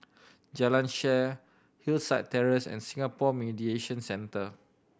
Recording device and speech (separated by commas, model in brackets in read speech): boundary microphone (BM630), read sentence